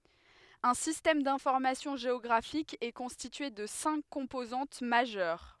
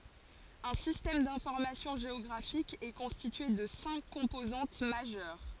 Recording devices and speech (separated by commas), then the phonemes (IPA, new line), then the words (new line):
headset microphone, forehead accelerometer, read sentence
œ̃ sistɛm dɛ̃fɔʁmasjɔ̃ ʒeɔɡʁafik ɛ kɔ̃stitye də sɛ̃k kɔ̃pozɑ̃t maʒœʁ
Un système d'information géographique est constitué de cinq composantes majeures.